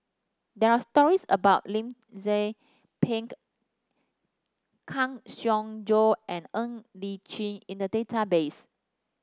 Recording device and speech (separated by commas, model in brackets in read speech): standing microphone (AKG C214), read sentence